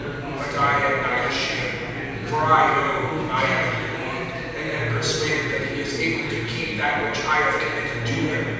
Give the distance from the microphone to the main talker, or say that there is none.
7.1 m.